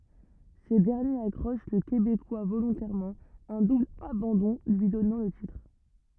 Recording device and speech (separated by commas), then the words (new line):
rigid in-ear microphone, read sentence
Ce dernier accroche le Québécois volontairement, un double abandon lui donnant le titre.